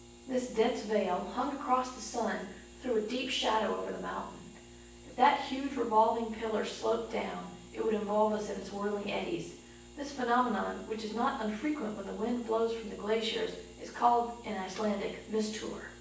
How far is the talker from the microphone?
9.8 m.